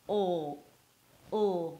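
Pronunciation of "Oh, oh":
The 'oh' sound heard here is the dark L, said on its own.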